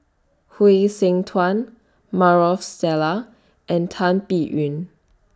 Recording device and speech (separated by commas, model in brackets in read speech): standing microphone (AKG C214), read sentence